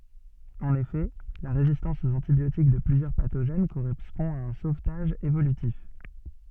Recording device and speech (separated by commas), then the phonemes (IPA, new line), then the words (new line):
soft in-ear microphone, read sentence
ɑ̃n efɛ la ʁezistɑ̃s oz ɑ̃tibjotik də plyzjœʁ patoʒɛn koʁɛspɔ̃ a œ̃ sovtaʒ evolytif
En effet, la résistance aux antibiotiques de plusieurs pathogènes correspond à un sauvetage évolutif.